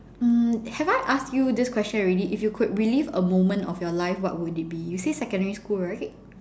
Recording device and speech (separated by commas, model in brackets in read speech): standing microphone, conversation in separate rooms